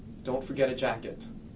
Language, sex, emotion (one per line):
English
male
neutral